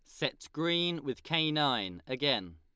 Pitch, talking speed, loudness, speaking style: 140 Hz, 155 wpm, -32 LUFS, Lombard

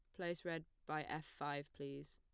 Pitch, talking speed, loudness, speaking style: 150 Hz, 185 wpm, -47 LUFS, plain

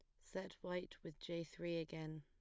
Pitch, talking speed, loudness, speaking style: 170 Hz, 180 wpm, -48 LUFS, plain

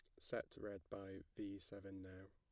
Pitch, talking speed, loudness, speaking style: 95 Hz, 170 wpm, -52 LUFS, plain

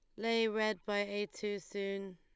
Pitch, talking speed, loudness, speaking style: 205 Hz, 185 wpm, -36 LUFS, Lombard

